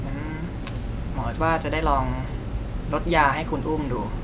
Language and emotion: Thai, neutral